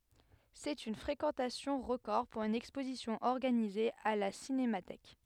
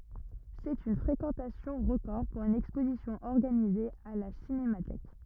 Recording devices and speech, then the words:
headset microphone, rigid in-ear microphone, read sentence
C'est une fréquentation record pour une exposition organisée à la Cinémathèque.

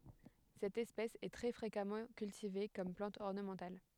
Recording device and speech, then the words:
headset microphone, read sentence
Cette espèce est très fréquemment cultivée comme plante ornementale.

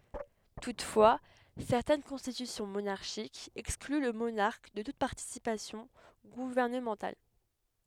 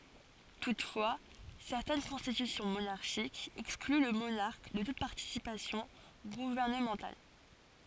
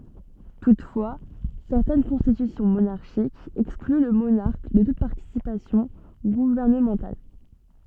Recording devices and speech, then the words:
headset microphone, forehead accelerometer, soft in-ear microphone, read sentence
Toutefois, certaines constitutions monarchiques excluent le monarque de toute participation gouvernementale.

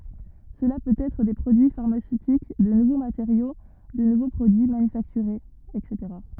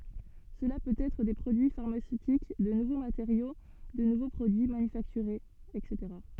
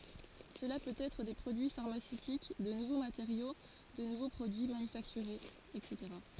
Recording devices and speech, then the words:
rigid in-ear microphone, soft in-ear microphone, forehead accelerometer, read sentence
Cela peut être des produits pharmaceutiques, de nouveaux matériaux, de nouveaux produits manufacturés etc.

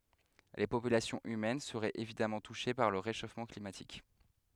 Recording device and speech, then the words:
headset microphone, read sentence
Les populations humaines seraient évidemment touchées par le réchauffement climatique.

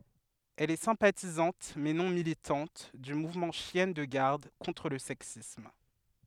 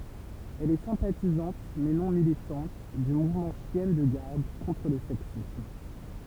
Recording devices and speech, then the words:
headset microphone, temple vibration pickup, read sentence
Elle est sympathisante, mais non militante, du mouvement Chiennes de garde contre le sexisme.

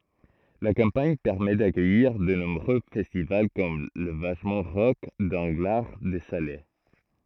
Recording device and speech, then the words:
throat microphone, read sentence
La campagne permet d'accueillir de nombreux festivals comme la Vachement Rock d'Anglards-de-Salers.

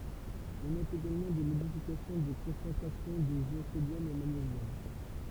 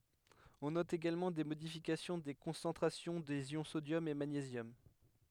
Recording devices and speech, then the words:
temple vibration pickup, headset microphone, read sentence
On note également des modifications des concentrations des ions sodium et magnésium.

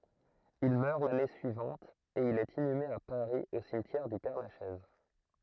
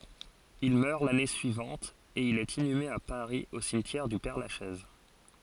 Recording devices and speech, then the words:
throat microphone, forehead accelerometer, read sentence
Il meurt l'année suivante et il est inhumé à Paris au cimetière du Père-Lachaise.

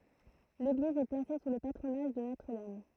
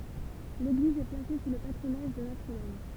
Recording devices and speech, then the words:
throat microphone, temple vibration pickup, read sentence
L'église est placée sous le patronage de Notre-Dame.

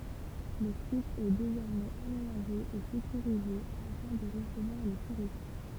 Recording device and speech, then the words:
temple vibration pickup, read sentence
Le site est désormais aménagé et sécurisé afin de recevoir les touristes.

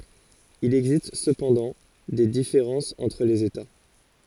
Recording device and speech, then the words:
forehead accelerometer, read sentence
Il existe cependant des différences entre les États.

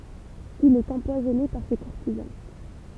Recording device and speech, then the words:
temple vibration pickup, read sentence
Il est empoisonné par ses courtisans.

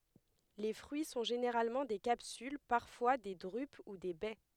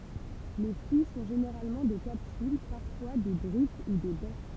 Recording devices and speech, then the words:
headset microphone, temple vibration pickup, read sentence
Les fruits sont généralement des capsules, parfois des drupes ou des baies.

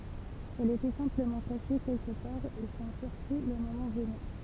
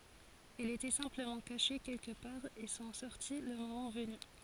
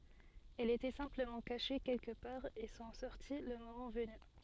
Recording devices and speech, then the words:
temple vibration pickup, forehead accelerometer, soft in-ear microphone, read sentence
Elles étaient simplement cachées quelque part et sont sorties le moment venu.

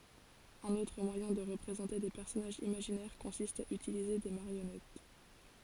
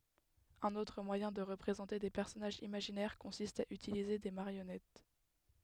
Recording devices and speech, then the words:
forehead accelerometer, headset microphone, read sentence
Un autre moyen de représenter des personnages imaginaires consiste à utiliser des marionnettes.

